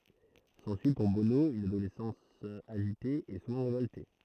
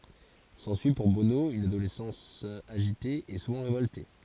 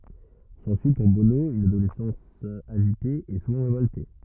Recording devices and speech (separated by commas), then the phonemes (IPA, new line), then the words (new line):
throat microphone, forehead accelerometer, rigid in-ear microphone, read sentence
sɑ̃syi puʁ bono yn adolɛsɑ̃s aʒite e suvɑ̃ ʁevɔlte
S'ensuit pour Bono une adolescence agitée et souvent révoltée.